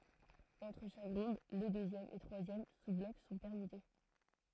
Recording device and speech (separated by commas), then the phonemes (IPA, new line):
throat microphone, read sentence
ɑ̃tʁ ʃak ʁɔ̃d le døzjɛm e tʁwazjɛm suzblɔk sɔ̃ pɛʁmyte